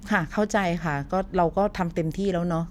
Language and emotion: Thai, frustrated